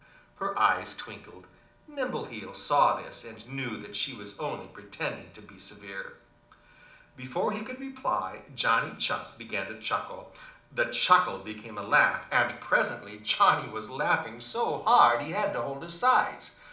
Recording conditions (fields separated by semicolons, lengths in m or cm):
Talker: one person; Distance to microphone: 2.0 m; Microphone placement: close; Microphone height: 99 cm; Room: medium-sized (5.7 m by 4.0 m); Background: none